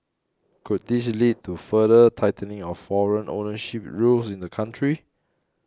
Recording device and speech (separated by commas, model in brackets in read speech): close-talking microphone (WH20), read sentence